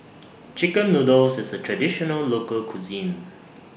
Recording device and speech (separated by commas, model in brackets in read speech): boundary microphone (BM630), read sentence